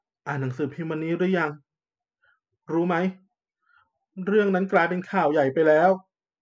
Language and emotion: Thai, sad